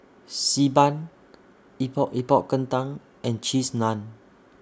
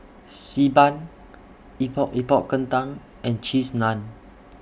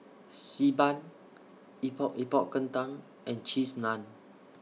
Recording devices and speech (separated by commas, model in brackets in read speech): standing microphone (AKG C214), boundary microphone (BM630), mobile phone (iPhone 6), read sentence